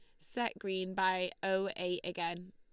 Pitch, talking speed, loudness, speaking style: 185 Hz, 155 wpm, -36 LUFS, Lombard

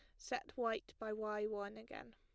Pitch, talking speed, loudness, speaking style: 215 Hz, 185 wpm, -44 LUFS, plain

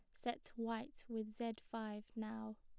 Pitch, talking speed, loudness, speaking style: 225 Hz, 150 wpm, -47 LUFS, plain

